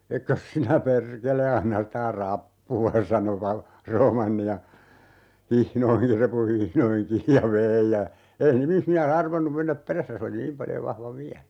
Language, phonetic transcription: Finnish, » 'ekkös sinä "perkele 'anna ‿stä "rappu₍a » 'sano "val- , "Roomanni ja , 'hihnoihi , "repu 'hihnoihiŋ 'kiij ja "vei ja , 'ei 'nimismiä"s ‿arvannum 'mennäp "perässä se oli "niim paljo 'vahva ('viälä) .
- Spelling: etkös sinä perkele anna sitä rappua sanoi - Roomanni ja hihnoihin repun hihnoihin kiinni ja vei ja ei nimismies arvannut mennä perässä se oli niin paljon vahva vielä

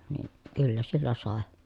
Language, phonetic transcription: Finnish, nii , kyllä sillä sàe .
- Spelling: niin kyllä sillä sai

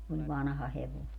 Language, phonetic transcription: Finnish, niv "vanha 'hevoi̮ .
- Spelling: niin vanha hevonen

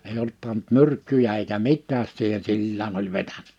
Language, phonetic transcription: Finnish, eij ‿olt pant 'myrkkyjä eikä 'mit̆tääs siihen 'sillään ‿oĺ 'vetäɴᴀ̈ .
- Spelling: ei ollut pannut myrkkyjä eikä mitään siihen sillään oli vetänyt

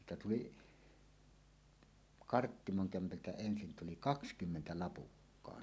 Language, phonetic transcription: Finnish, 'siitä tuli , "Karttimoŋ 'kämpältä 'ensin tuli "kakskymmentä "Lapukkaan .
- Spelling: siitä tuli Karttimon kämpältä ensin tuli kaksikymmentä Lapukkaan

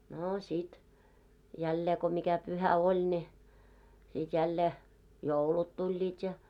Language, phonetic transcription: Finnish, 'noo sit , 'jällee ko mikä 'pyhä "oĺ ne , 'sit jällee , "joulut 'tuĺĺiit ja .
- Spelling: no sitten jälleen kun mikä pyhä oli ne sitten jälleen joulut tulivat ja

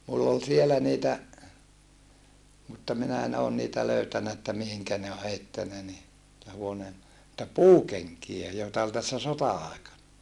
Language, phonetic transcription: Finnish, mull ‿ol sielä niitä , mutta minä en oon niitä löytänä että mihiŋkä ne o heittänä ni , (tä huoneen) , [noi]ta puukeŋkijä joeta ol tässä sota₍aekana .
- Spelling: minulla oli siellä niitä mutta minä en ole niitä löytänyt että mihin ne on heittänyt niin - huoneen noita puukenkiä joita oli tässä sota-aikana

